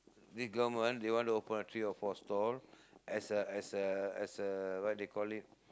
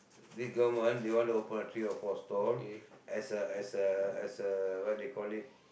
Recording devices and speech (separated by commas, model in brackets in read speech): close-talking microphone, boundary microphone, conversation in the same room